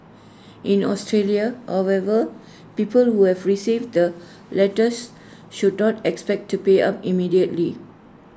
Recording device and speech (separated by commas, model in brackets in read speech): standing microphone (AKG C214), read sentence